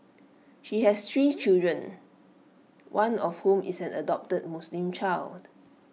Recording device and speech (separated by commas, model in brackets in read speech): mobile phone (iPhone 6), read sentence